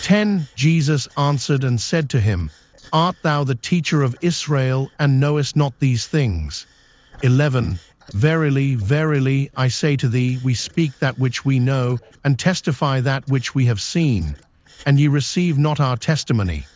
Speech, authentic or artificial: artificial